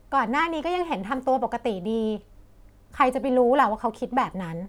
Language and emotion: Thai, frustrated